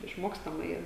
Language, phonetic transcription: Lithuanian, išˈmokstama ˈyra

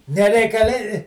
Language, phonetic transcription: Lithuanian, nereikaˈli

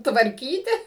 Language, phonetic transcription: Lithuanian, tvarˈkyti

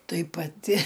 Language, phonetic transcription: Lithuanian, ˈtai paˈti

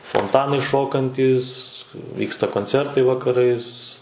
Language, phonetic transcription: Lithuanian, fonˈtanai ˈšokantys ˈvyksta konˈcertai vakaˈrais

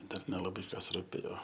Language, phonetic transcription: Lithuanian, ˈdar nelaˈbai ˈkas ruˈpėjo

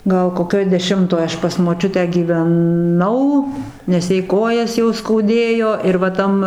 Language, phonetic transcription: Lithuanian, ˈgal koˈkioj deˈšimtoj ˈaš pas moˈčiutę gyveˈnau nes ˈjai ˈkojas jau skauˈdėjo ir va ˈtam

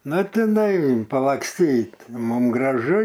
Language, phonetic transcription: Lithuanian, ˈnu tiˈnai palaksˈtyt ˈmum graˈžu

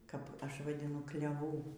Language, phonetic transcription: Lithuanian, kap ˈaš vadiˈnu kleˈvų

